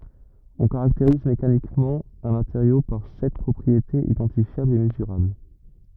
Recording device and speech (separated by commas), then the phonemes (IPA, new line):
rigid in-ear microphone, read sentence
ɔ̃ kaʁakteʁiz mekanikmɑ̃ œ̃ mateʁjo paʁ sɛt pʁɔpʁietez idɑ̃tifjablz e məzyʁabl